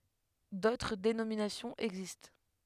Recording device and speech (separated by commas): headset microphone, read sentence